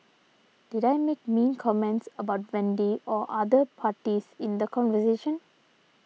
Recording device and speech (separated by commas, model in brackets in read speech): mobile phone (iPhone 6), read sentence